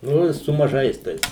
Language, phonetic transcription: Lithuanian, ˈnu i su maˈžais ˈtais

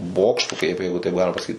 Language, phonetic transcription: Lithuanian, ˈbokštu kaip ˈjeigu taip ˈgalima pasaˈkyt

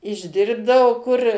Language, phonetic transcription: Lithuanian, išˈdirbdao kur

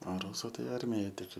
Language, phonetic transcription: Lithuanian, a ˈrūsu ˈtai ˈarmijaj tik

